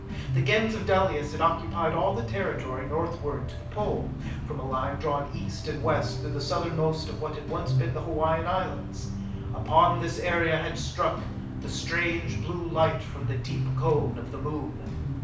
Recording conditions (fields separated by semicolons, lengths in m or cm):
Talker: one person; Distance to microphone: 5.8 m; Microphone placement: far; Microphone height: 1.8 m; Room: medium-sized (5.7 m by 4.0 m); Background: music